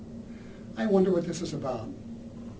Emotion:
fearful